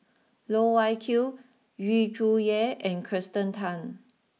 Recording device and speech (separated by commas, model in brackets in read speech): mobile phone (iPhone 6), read sentence